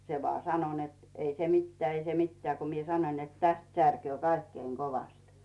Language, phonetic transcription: Finnish, 'se vᵒà "sano net , » 'ei se "mitteää , 'ei se "mittᵉää « ko mie 'sanoⁱn net » 'täst särköö "kaikkeiŋ 'kovast « .
- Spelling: se vain sanoi että ei se mitään ei se mitään kun minä sanoin että tästä särkee kaikkein kovasti

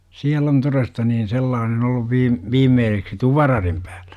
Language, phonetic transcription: Finnish, siäl ‿on 'toresta niin 'sellaanen 'olluv 'viim- , "viimmeeseksi "tuvararim pÄÄLLÄ .
- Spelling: siellä on todesta niin sellainen ollut - viimeiseksi tuparadin päällä

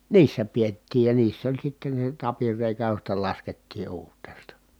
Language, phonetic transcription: Finnish, niissä piettiij ja niiss ‿oĺ sitten̬ se tapirrèikä josta laskettii uurt̆teesta .
- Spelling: niissä pidettiin ja niissä oli sitten se tapinreikä josta laskettiin uurteesta

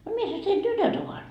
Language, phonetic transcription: Finnish, » no 'missäs tein "tytöt ‿ovat ? »
- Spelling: no missäs teidän tytöt ovat

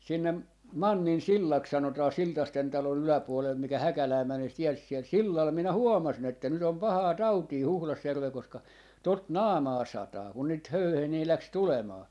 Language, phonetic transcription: Finnish, 'sinne , "Mannin"sillaks 'sanotaa "Siltasten 'talo'n ‿yläpuolel 'mikä "Häkälää 'mänee se tie siɛl 'sillal , 'minä "huomasin ‿että nyt ‿om "pahaa "tautii 'Huhlasjärvel koska , 'tot "naamaa 'sataa , kun niit "höyhenii 'läks "tulemaa .
- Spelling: sinne Manninsillaksi sanotaan Siltasten talon yläpuolella mikä Häkälään menee se tie siellä sillalla minä huomasin että nyt on pahaa tautia Huhdasjärvellä koska tuota naamaan sataa kun niitä höyheniä lähti tulemaan

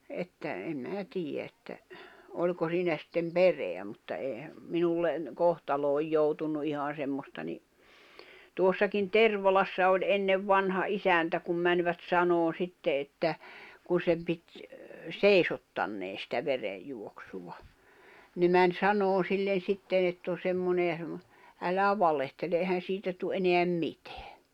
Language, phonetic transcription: Finnish, että , em 'mää 'tiij̆jä että , 'oĺko 'siinä sittem "pereä mutta eehä , 'minullen , 'kohtalooj 'joutunnu ihan̬ 'semmosta ni , 'tuossakin "Tervalassa oĺ 'ennev 'vanha "isäntä kum mäńvät 'sanoon̬ 'sitte että , kun̬ 'sem pit , "sèisottannee sitä 'verejjuoksuva , ne män 'sanoon̬ sillen̬ 'sitten ‿ett ‿o 'semmone ja semmo- , » 'älä "valehtele ehän̬ 'siitä tu '’eneäm "mitᴇᴀ̈ « .
- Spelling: että en minä tiedä että oliko siinä sitten perää mutta eihän minulle kohtaloon joutunut ihan semmoista niin tuossakin Tervalassa oli ennen vanha isäntä kun menivät sanomaan sitten että kun sen piti seisottaneen sitä verenjuoksua ne meni sanomaan sille sitten että on semmoinen ja - älä valehtele eihän siitä tule enää mitään

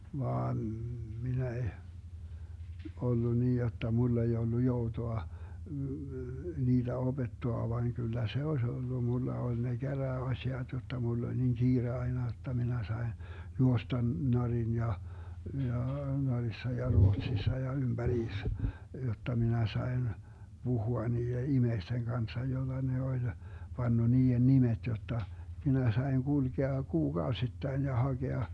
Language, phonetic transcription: Finnish, 'vaan , 'minä eh , 'ollu nii jotta 'mull ‿ei ollu 'joutoa , 'niiDä 'oBettoa vaiŋ kyllä 'se oś 'ollu 'mulla 'oĺ ne 'Gärää₍'aśiat jotta 'mull ‿oĺ niŋ 'Giire aina jotta 'minä 'sain , 'juostan Norin ja , ja , 'Norissa ja 'Ruotsissa ja 'ymBä'riis , 'jotta 'minä 'sai̮n , 'Buhua nii₍e "imeisteŋ 'Ganssa jolla ne oĺ , 'panna 'nii₍en "nimet jotta , 'minä 'sai̮ŋ 'GulGea 'kuu"Gaosittain ja 'haGea ,.
- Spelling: vaan minä en ollut niin jotta minulla ei ollut joutoa niitä opettaa vain kyllä se olisi ollut minulla oli ne käräjäasiat jotta minulla oli niin kiire aina jotta minä sain juosta Norjan ja ja Norjassa ja Ruotsissa ja ympäriinsä jotta minä sain puhua niiden ihmisten kanssa jolla ne oli panna niiden nimet jotta minä sain kulkea kuukausittain ja hakea

